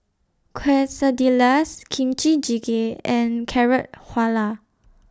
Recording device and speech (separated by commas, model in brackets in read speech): standing microphone (AKG C214), read sentence